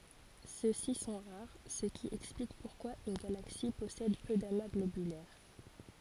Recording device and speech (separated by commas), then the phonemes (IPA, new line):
forehead accelerometer, read sentence
sø si sɔ̃ ʁaʁ sə ki ɛksplik puʁkwa yn ɡalaksi pɔsɛd pø dama ɡlobylɛʁ